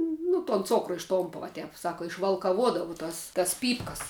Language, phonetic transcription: Lithuanian, nu ton ˈcokru išˈtompa vo ˈtep ˈsaka išvalkaˈvuodavau ˈtas tas ˈpypkas

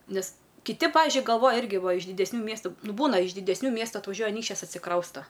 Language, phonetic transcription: Lithuanian, ˈnes kiˈti ˈpavižiui galˈvoja ˈirgi ˈva iš didesˈnių ˈmiestu ˈnu ˈbūna iš didesˈnių ˈmiestu atvaˈžiuoja aˈnykščias atsiˈkrausta

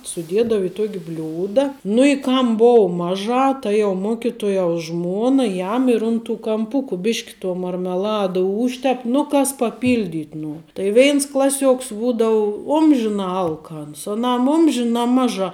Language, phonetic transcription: Lithuanian, suˈdiedav i ˈtuok' ˈbliūda nu i ˈkam ˈbou ˈmaˌžā ˈta jau ˈmokituojaus ˈžmuona ˈjam ir un tų kamˈpuku ˈbišk' tuo marmeˈlada ˈūžtep nu ˈkas paˈpyldit' ˈnuor tai ˈveins ˈklaˌsiuoks ˈbūdau ˈumžinā ˈalkans aˈnam ˈumžinā ˈmaˌžā

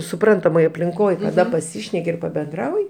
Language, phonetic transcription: Lithuanian, suˈprantamoj aplinˈkoj kaˈda paˈsyšneki ir pabenˈdrauji

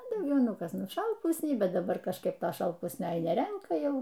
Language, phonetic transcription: Lithuanian, a dauˈgiau ˈnu ˈkas šalˈpusniai ˈbet daˈbar kažˈkaip ˈto šalˈpusnio neˈrenka ˈjau

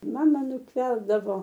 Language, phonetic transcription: Lithuanian, ˈmama nutˈverdavo

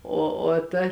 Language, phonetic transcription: Lithuanian, ˈo o ˈta

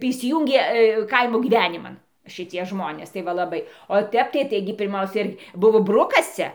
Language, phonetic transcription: Lithuanian, tai įsiˈjūngė ˈkaimo gyˈveniman šiˈtie ˈžmonės tai ˈva laˈbai o ˈtep tai ˈtaigi pirˈmausia ir ˈbuvo ˈbrukas ˈcia

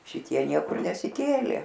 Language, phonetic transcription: Lithuanian, šiˈtie ˈniekur nesiˈkėlė

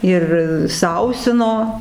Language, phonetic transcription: Lithuanian, ˈir ˈsausino

